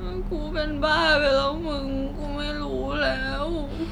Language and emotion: Thai, sad